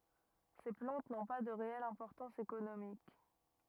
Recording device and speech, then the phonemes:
rigid in-ear microphone, read sentence
se plɑ̃t nɔ̃ pa də ʁeɛl ɛ̃pɔʁtɑ̃s ekonomik

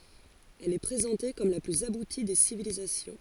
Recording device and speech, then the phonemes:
forehead accelerometer, read sentence
ɛl ɛ pʁezɑ̃te kɔm la plyz abuti de sivilizasjɔ̃

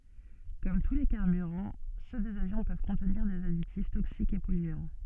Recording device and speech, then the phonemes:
soft in-ear microphone, read sentence
kɔm tu le kaʁbyʁɑ̃ sø dez avjɔ̃ pøv kɔ̃tniʁ dez aditif toksikz e pɔlyɑ̃

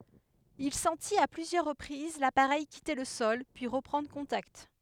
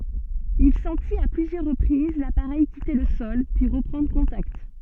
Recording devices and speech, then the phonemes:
headset microphone, soft in-ear microphone, read sentence
il sɑ̃tit a plyzjœʁ ʁəpʁiz lapaʁɛj kite lə sɔl pyi ʁəpʁɑ̃dʁ kɔ̃takt

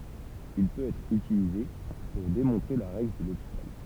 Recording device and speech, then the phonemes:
temple vibration pickup, read sentence
il pøt ɛtʁ ytilize puʁ demɔ̃tʁe la ʁɛɡl də lopital

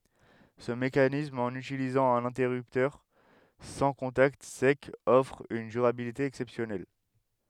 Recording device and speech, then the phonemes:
headset microphone, read sentence
sə mekanism ɑ̃n ytilizɑ̃ œ̃n ɛ̃tɛʁyptœʁ sɑ̃ kɔ̃takt sɛkz ɔfʁ yn dyʁabilite ɛksɛpsjɔnɛl

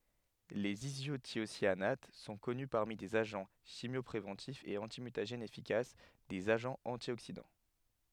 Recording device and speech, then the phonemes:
headset microphone, read sentence
lez izotjosjanat sɔ̃ kɔny paʁmi dez aʒɑ̃ ʃimjɔpʁevɑ̃tifz e ɑ̃timytaʒɛnz efikas dez aʒɑ̃z ɑ̃tjoksidɑ̃

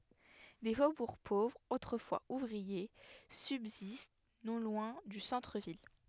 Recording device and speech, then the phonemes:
headset microphone, read sentence
de fobuʁ povʁz otʁəfwaz uvʁie sybzist nɔ̃ lwɛ̃ dy sɑ̃tʁəvil

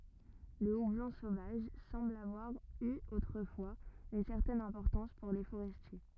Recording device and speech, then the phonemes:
rigid in-ear microphone, read sentence
lə ublɔ̃ sovaʒ sɑ̃bl avwaʁ y otʁəfwaz yn sɛʁtɛn ɛ̃pɔʁtɑ̃s puʁ le foʁɛstje

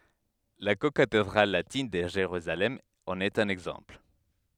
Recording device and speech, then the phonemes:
headset microphone, read sentence
la kokatedʁal latin də ʒeʁyzalɛm ɑ̃n ɛt œ̃n ɛɡzɑ̃pl

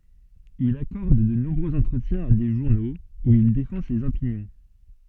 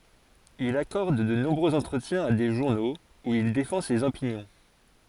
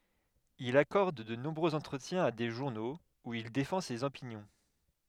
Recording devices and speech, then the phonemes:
soft in-ear microphone, forehead accelerometer, headset microphone, read sentence
il akɔʁd də nɔ̃bʁøz ɑ̃tʁətjɛ̃z a de ʒuʁnoz u il defɑ̃ sez opinjɔ̃

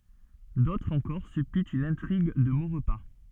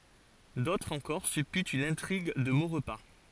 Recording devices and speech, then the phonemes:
soft in-ear microphone, forehead accelerometer, read sentence
dotʁz ɑ̃kɔʁ sypytt yn ɛ̃tʁiɡ də moʁpa

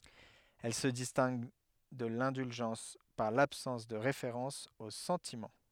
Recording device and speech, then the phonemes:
headset microphone, read sentence
ɛl sə distɛ̃ɡ də lɛ̃dylʒɑ̃s paʁ labsɑ̃s də ʁefeʁɑ̃s o sɑ̃timɑ̃

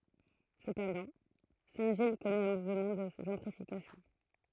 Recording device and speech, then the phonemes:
throat microphone, read sentence
səpɑ̃dɑ̃ sɛ̃tʒij kɔnɛt œ̃ muvmɑ̃ də ʒɑ̃tʁifikasjɔ̃

